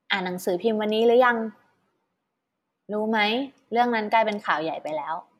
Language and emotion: Thai, neutral